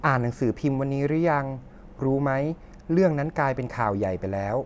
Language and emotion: Thai, neutral